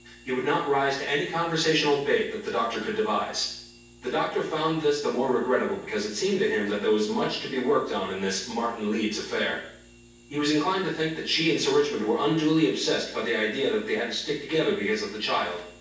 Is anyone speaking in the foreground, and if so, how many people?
One person.